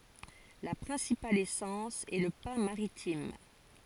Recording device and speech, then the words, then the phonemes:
forehead accelerometer, read sentence
La principale essence est le pin maritime.
la pʁɛ̃sipal esɑ̃s ɛ lə pɛ̃ maʁitim

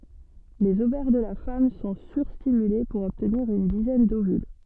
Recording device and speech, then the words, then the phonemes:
soft in-ear microphone, read sentence
Les ovaires de la femme sont sur-stimulés pour obtenir une dizaine d'ovules.
lez ovɛʁ də la fam sɔ̃ syʁstimyle puʁ ɔbtniʁ yn dizɛn dovyl

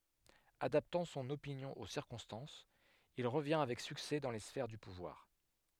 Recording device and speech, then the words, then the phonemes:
headset microphone, read sentence
Adaptant son opinion aux circonstances, il revient avec succès dans les sphères du pouvoir.
adaptɑ̃ sɔ̃n opinjɔ̃ o siʁkɔ̃stɑ̃sz il ʁəvjɛ̃ avɛk syksɛ dɑ̃ le sfɛʁ dy puvwaʁ

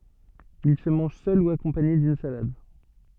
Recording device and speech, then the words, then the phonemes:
soft in-ear microphone, read sentence
Il se mange seul ou accompagné d'une salade.
il sə mɑ̃ʒ sœl u akɔ̃paɲe dyn salad

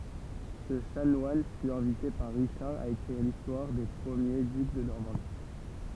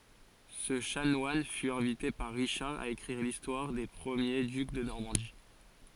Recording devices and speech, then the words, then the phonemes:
temple vibration pickup, forehead accelerometer, read sentence
Ce chanoine fut invité par Richard à écrire l'histoire des premiers ducs de Normandie.
sə ʃanwan fy ɛ̃vite paʁ ʁiʃaʁ a ekʁiʁ listwaʁ de pʁəmje dyk də nɔʁmɑ̃di

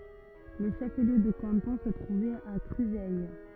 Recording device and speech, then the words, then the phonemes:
rigid in-ear microphone, read sentence
Le chef-lieu de canton se trouvait à Cruseilles.
lə ʃəfliø də kɑ̃tɔ̃ sə tʁuvɛt a kʁyzɛj

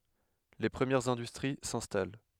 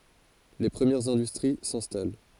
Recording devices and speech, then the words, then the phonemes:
headset microphone, forehead accelerometer, read sentence
Les premières industries s'installent.
le pʁəmjɛʁz ɛ̃dystʁi sɛ̃stal

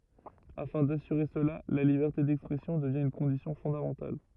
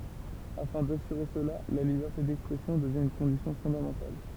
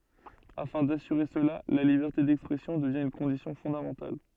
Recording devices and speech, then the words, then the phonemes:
rigid in-ear microphone, temple vibration pickup, soft in-ear microphone, read sentence
Afin d'assurer cela, la liberté d’expression devient une condition fondamentale.
afɛ̃ dasyʁe səla la libɛʁte dɛkspʁɛsjɔ̃ dəvjɛ̃ yn kɔ̃disjɔ̃ fɔ̃damɑ̃tal

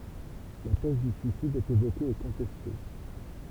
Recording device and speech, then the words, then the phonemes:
temple vibration pickup, read sentence
La thèse du suicide est évoquée et contestée.
la tɛz dy syisid ɛt evoke e kɔ̃tɛste

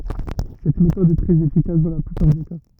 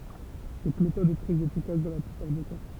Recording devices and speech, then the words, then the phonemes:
rigid in-ear microphone, temple vibration pickup, read sentence
Cette méthode est très efficace dans la plupart des cas.
sɛt metɔd ɛ tʁɛz efikas dɑ̃ la plypaʁ de ka

